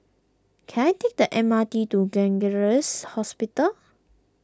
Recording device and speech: close-talking microphone (WH20), read sentence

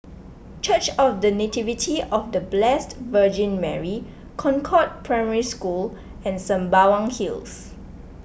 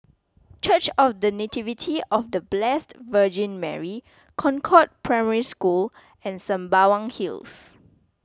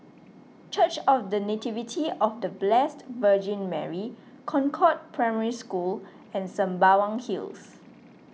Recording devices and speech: boundary microphone (BM630), close-talking microphone (WH20), mobile phone (iPhone 6), read sentence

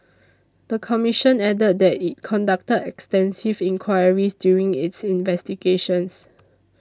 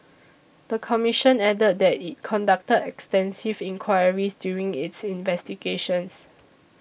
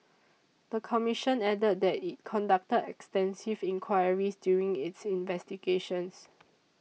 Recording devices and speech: standing microphone (AKG C214), boundary microphone (BM630), mobile phone (iPhone 6), read sentence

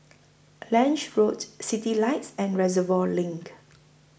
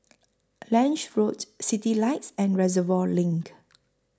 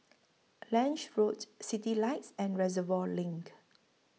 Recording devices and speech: boundary microphone (BM630), close-talking microphone (WH20), mobile phone (iPhone 6), read sentence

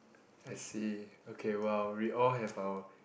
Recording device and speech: boundary microphone, conversation in the same room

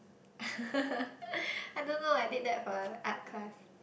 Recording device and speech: boundary microphone, conversation in the same room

